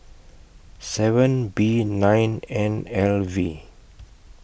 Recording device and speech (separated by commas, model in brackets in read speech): boundary microphone (BM630), read sentence